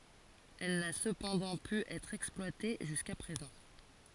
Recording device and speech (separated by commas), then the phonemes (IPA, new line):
forehead accelerometer, read sentence
ɛl na səpɑ̃dɑ̃ py ɛtʁ ɛksplwate ʒyska pʁezɑ̃